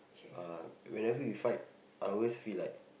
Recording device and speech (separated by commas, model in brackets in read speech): boundary microphone, conversation in the same room